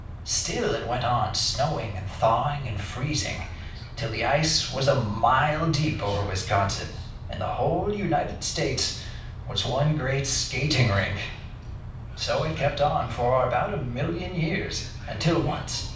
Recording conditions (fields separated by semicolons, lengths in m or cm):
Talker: one person; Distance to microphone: 5.8 m; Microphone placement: far; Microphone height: 1.8 m; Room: medium-sized (5.7 m by 4.0 m); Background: television